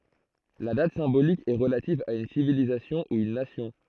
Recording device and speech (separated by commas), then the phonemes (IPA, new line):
throat microphone, read sentence
la dat sɛ̃bolik ɛ ʁəlativ a yn sivilizasjɔ̃ u yn nasjɔ̃